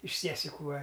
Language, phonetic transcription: Lithuanian, iš ˈsiesiku ˈva

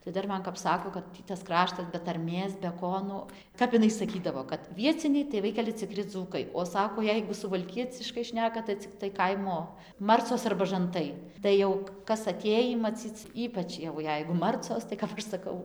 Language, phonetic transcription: Lithuanian, tai ˈdar ˈman kap ˈsako kad ˈtį tas ˈkraštas be tarˈmės be ˈko nu ˈkap iˈnai saˈkydavo kad ˈvieciniai tai ˈvaikeli ciˈkri ˈdzūkai o ˈsako ˈjeigu suvalˈkieciškai ˈšneka tai ciˈktai ˈkaimo ˈmarcos arba žanˈtai ˈtai jau kas aˈtėjį maˈcyc ˈypač jau ˈjeigu ˈmarcos tai kap ˈaš saˈkau

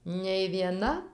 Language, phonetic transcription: Lithuanian, nei vieˈna

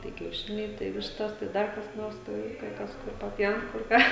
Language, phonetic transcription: Lithuanian, tai kiauˈšiniai tai ˈvištas tai ˈdar kas ˈnors ˈtai kai ˈkas ˈkur paˈpjaun kur ˈką

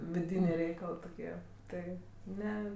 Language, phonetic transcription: Lithuanian, viˈdynė ˈreikalɜ toˈkie ˈtai ˈne

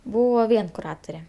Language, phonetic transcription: Lithuanian, ˈbūvo ˈvien kuˈrature

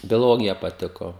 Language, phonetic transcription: Lithuanian, bioˈlogija paˈtiko

